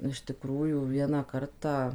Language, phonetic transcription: Lithuanian, iš tiˈkrųjų ˈvieną ˈkartą

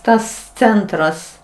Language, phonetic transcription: Lithuanian, ˈtas ˈcentras

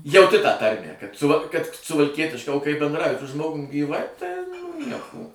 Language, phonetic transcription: Lithuanian, jauˈti tą ˈtarmę kad ˈsuva kad suvalˈkietiška o kai bendˈrauji su ˈžmogum gyˈvai tai ˈnieko

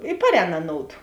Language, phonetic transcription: Lithuanian, i ˈparˌēn aˈnoudu

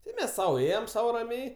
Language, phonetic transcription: Lithuanian, ˈtai ˈmes ˈsau ˈėjem ˈsau raˈmiai

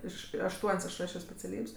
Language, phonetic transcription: Lithuanian, ˈiš ašˈtuon's' aš rašio speciaˈlyb's'

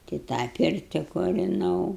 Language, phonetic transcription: Lithuanian, tai ˈtą ˈpirti kuriˈnau

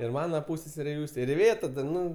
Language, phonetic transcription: Lithuanian, ir ˈmana ˈpūsseserė ˈjūstė ir iˈvėta da ˈnu

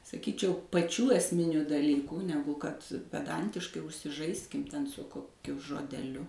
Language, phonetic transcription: Lithuanian, saˈkyčiau paˈčių esˈminiu daˈlykų ˈnegu kad peˈdantiškai užsiˈžaiskim ˈten su koˈkiu žodeˈliu

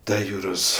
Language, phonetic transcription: Lithuanian, ˈta ˈjūros

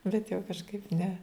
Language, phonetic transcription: Lithuanian, bet jau kažˈkaip ne

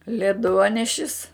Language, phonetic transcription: Lithuanian, leˈduonešis

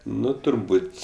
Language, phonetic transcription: Lithuanian, ˈnu turˈbūt'

